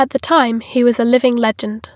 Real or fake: real